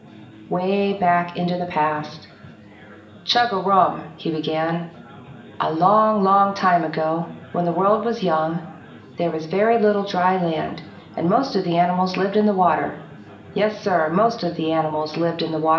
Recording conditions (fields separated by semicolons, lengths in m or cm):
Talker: one person; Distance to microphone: 1.8 m; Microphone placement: close; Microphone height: 1.0 m; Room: large; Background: babble